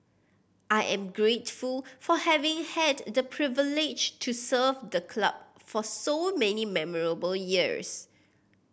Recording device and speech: boundary microphone (BM630), read sentence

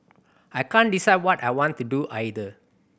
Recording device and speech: boundary microphone (BM630), read sentence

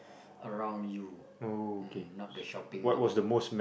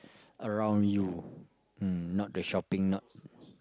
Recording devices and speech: boundary microphone, close-talking microphone, conversation in the same room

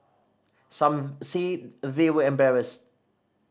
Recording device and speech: standing microphone (AKG C214), read sentence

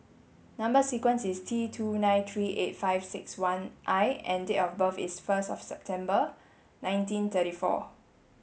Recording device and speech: mobile phone (Samsung S8), read sentence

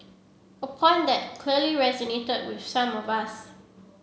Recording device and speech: mobile phone (Samsung C7), read sentence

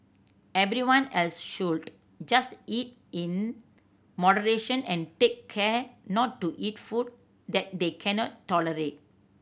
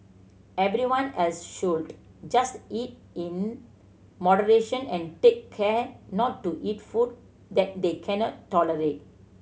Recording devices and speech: boundary microphone (BM630), mobile phone (Samsung C7100), read sentence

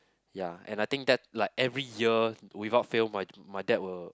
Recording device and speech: close-talking microphone, conversation in the same room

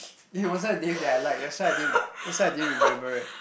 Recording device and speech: boundary microphone, conversation in the same room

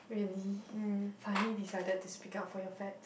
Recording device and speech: boundary microphone, conversation in the same room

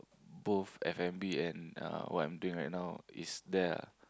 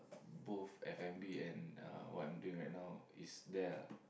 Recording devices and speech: close-talking microphone, boundary microphone, conversation in the same room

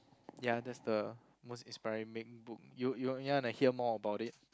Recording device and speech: close-talking microphone, conversation in the same room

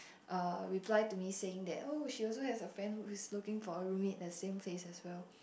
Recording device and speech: boundary microphone, conversation in the same room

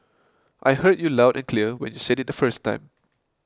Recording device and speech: close-talking microphone (WH20), read sentence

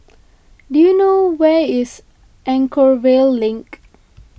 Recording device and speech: boundary microphone (BM630), read sentence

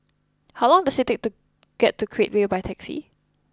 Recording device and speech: close-talking microphone (WH20), read sentence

